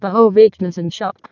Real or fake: fake